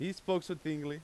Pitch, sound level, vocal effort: 175 Hz, 93 dB SPL, very loud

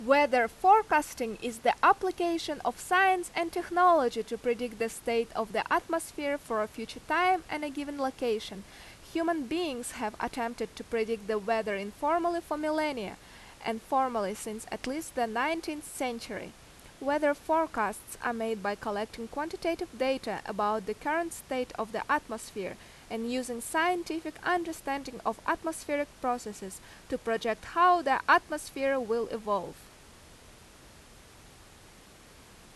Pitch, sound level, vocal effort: 250 Hz, 87 dB SPL, very loud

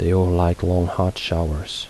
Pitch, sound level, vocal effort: 90 Hz, 74 dB SPL, soft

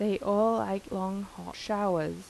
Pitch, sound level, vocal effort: 195 Hz, 84 dB SPL, soft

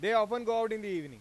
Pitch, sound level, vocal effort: 220 Hz, 104 dB SPL, very loud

